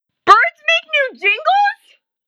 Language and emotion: English, surprised